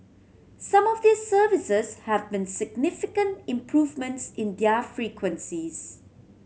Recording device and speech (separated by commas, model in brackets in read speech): mobile phone (Samsung C7100), read sentence